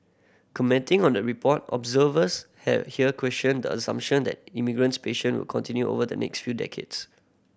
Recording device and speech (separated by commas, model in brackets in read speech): boundary microphone (BM630), read sentence